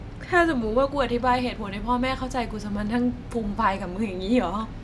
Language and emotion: Thai, sad